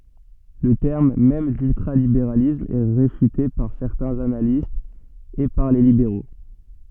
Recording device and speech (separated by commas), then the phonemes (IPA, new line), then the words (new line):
soft in-ear microphone, read sentence
lə tɛʁm mɛm dyltʁalibeʁalism ɛ ʁefyte paʁ sɛʁtɛ̃z analistz e paʁ le libeʁo
Le terme même d'ultralibéralisme est réfuté par certains analystes et par les libéraux.